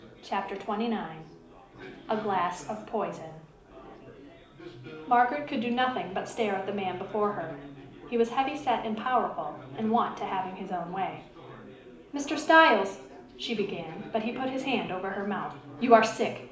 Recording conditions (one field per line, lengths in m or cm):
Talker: one person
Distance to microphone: 2.0 m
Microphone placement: close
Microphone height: 99 cm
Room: medium-sized (5.7 m by 4.0 m)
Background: babble